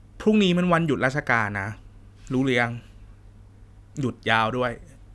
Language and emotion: Thai, neutral